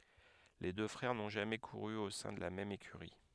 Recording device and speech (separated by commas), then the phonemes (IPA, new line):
headset microphone, read sentence
le dø fʁɛʁ nɔ̃ ʒamɛ kuʁy o sɛ̃ də la mɛm ekyʁi